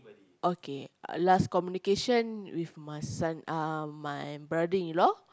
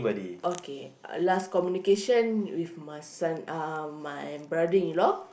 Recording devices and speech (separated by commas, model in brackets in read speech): close-talking microphone, boundary microphone, conversation in the same room